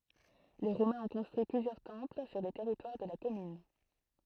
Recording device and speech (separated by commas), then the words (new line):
throat microphone, read sentence
Les Romains ont construit plusieurs temples sur le territoire de la commune.